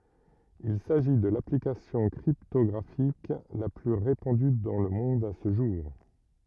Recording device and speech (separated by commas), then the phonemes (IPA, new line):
rigid in-ear microphone, read sentence
il saʒi də laplikasjɔ̃ kʁiptɔɡʁafik la ply ʁepɑ̃dy dɑ̃ lə mɔ̃d sə ʒuʁ